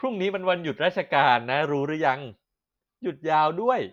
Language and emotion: Thai, happy